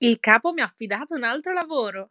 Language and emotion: Italian, happy